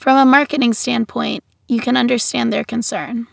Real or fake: real